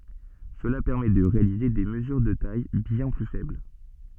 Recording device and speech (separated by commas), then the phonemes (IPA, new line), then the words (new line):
soft in-ear microphone, read sentence
səla pɛʁmɛ də ʁealize de məzyʁ də taj bjɛ̃ ply fɛbl
Cela permet de réaliser des mesures de tailles bien plus faibles.